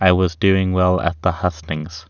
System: none